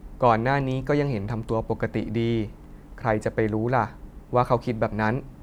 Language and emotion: Thai, neutral